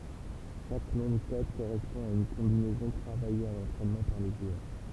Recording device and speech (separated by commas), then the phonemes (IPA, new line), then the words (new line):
temple vibration pickup, read sentence
ʃak nɔ̃ də kɔd koʁɛspɔ̃ a yn kɔ̃binɛzɔ̃ tʁavaje a lɑ̃tʁɛnmɑ̃ paʁ le ʒwœʁ
Chaque nom de code correspond à une combinaison travaillée à l'entraînement par les joueurs.